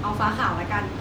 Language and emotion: Thai, neutral